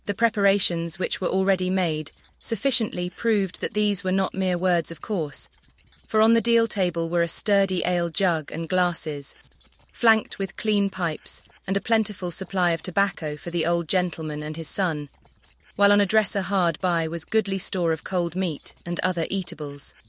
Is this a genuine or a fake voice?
fake